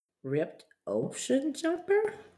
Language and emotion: English, sad